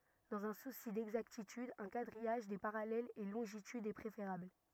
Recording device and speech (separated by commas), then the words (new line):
rigid in-ear microphone, read sentence
Dans un souci d'exactitude, un quadrillage des parallèles et longitudes est préférable.